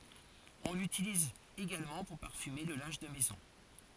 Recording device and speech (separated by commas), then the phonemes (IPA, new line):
forehead accelerometer, read sentence
ɔ̃ lytiliz eɡalmɑ̃ puʁ paʁfyme lə lɛ̃ʒ də mɛzɔ̃